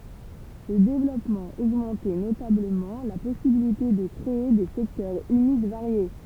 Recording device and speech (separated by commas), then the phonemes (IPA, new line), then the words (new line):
temple vibration pickup, read sentence
sə devlɔpmɑ̃ oɡmɑ̃tɛ notabləmɑ̃ la pɔsibilite də kʁee de sɛktœʁz ymid vaʁje
Ce développement augmentait notablement la possibilité de créer des secteurs humides variés.